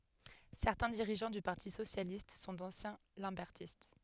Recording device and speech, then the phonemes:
headset microphone, read sentence
sɛʁtɛ̃ diʁiʒɑ̃ dy paʁti sosjalist sɔ̃ dɑ̃sjɛ̃ lɑ̃bɛʁtist

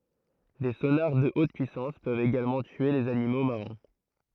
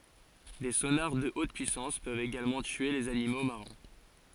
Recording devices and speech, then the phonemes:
throat microphone, forehead accelerometer, read sentence
de sonaʁ də ot pyisɑ̃s pøvt eɡalmɑ̃ tye lez animo maʁɛ̃

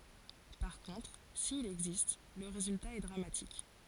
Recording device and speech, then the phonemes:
forehead accelerometer, read sentence
paʁ kɔ̃tʁ sil ɛɡzist lə ʁezylta ɛ dʁamatik

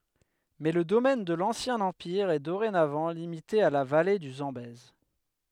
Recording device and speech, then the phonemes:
headset microphone, read sentence
mɛ lə domɛn də lɑ̃sjɛ̃ ɑ̃piʁ ɛ doʁenavɑ̃ limite a la vale dy zɑ̃bɛz

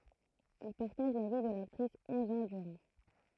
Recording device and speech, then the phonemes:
throat microphone, read sentence
il paʁtaʒ la vi də laktʁis ɔ̃z ɑ̃ dyʁɑ̃

